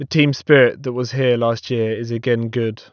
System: none